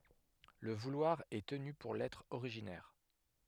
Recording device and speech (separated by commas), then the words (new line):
headset microphone, read sentence
Le vouloir est tenu pour l'être originaire.